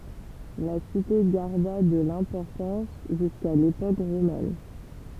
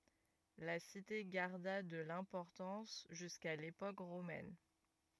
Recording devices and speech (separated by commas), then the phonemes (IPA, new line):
temple vibration pickup, rigid in-ear microphone, read sentence
la site ɡaʁda də lɛ̃pɔʁtɑ̃s ʒyska lepok ʁomɛn